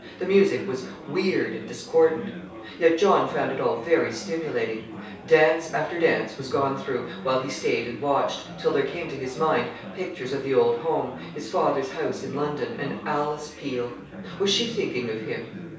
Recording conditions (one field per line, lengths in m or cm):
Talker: one person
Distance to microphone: 3.0 m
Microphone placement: far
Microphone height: 1.8 m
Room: small (3.7 m by 2.7 m)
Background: babble